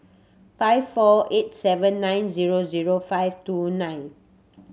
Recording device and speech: mobile phone (Samsung C7100), read sentence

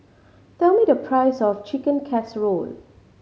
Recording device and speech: mobile phone (Samsung C5010), read sentence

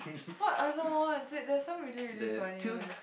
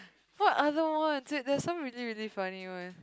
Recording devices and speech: boundary microphone, close-talking microphone, conversation in the same room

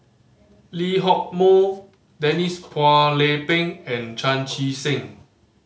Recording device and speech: mobile phone (Samsung C5010), read sentence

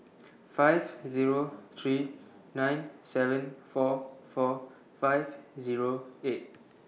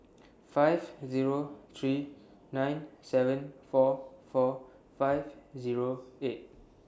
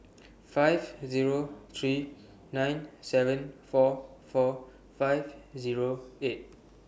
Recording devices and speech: mobile phone (iPhone 6), standing microphone (AKG C214), boundary microphone (BM630), read sentence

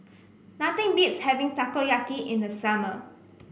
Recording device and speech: boundary microphone (BM630), read sentence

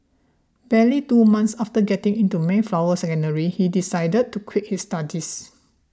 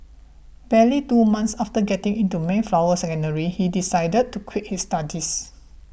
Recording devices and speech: standing microphone (AKG C214), boundary microphone (BM630), read sentence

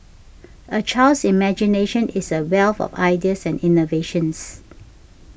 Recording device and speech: boundary microphone (BM630), read sentence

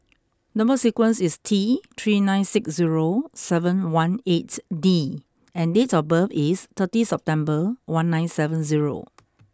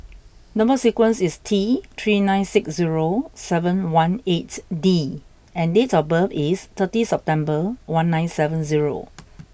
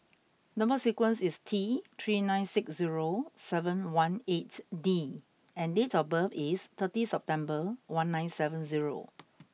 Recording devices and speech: close-talking microphone (WH20), boundary microphone (BM630), mobile phone (iPhone 6), read sentence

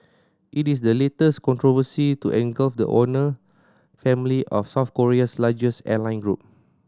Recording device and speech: standing microphone (AKG C214), read sentence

